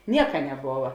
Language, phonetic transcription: Lithuanian, ˈnieka neˈbova

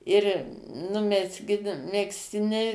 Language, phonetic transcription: Lithuanian, ir nu mezˈgin megzˈtiniai

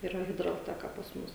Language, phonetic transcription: Lithuanian, yˈra hidralˈteka pas ˈmus

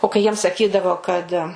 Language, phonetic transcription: Lithuanian, o kai ˈjiem saˈkydavo kad

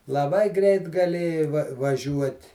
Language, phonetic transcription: Lithuanian, laˈbai ˈgreit gaˈlėjai va vaˈžiuot'

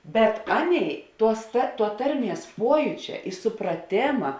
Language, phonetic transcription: Lithuanian, bet ˈaˌnėi ˈtuos ta tuo ˈtarˌmies ˈpuojūčia i supraˈtėma

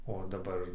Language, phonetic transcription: Lithuanian, o daˈbar

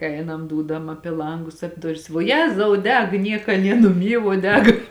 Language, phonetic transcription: Lithuanian, ˈeinam ˈdūdam ˈapi ˈlangus ap' ˈduris vuo ˈjezau ˈdeg ˈnieka ˈnie nuˈmy vuo ˈdeg

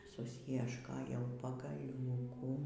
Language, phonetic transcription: Lithuanian, susjiešˈkojau pagaˈliūkų

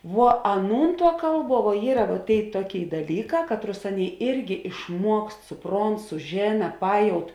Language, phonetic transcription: Lithuanian, vuo ˈaˌnūn tuo ˈkalˌbuo vuo ˈyra va ˈtėi ˈtuoˌkėi daˈlyˌkā ˈkatˌrus ˈanˌėi ˈirgi išˈmuokst suˈpront suˈžėna ˈpajaut

